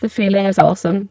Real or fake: fake